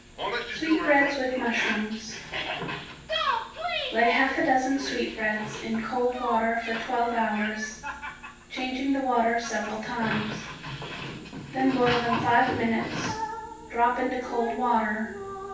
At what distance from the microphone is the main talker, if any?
9.8 m.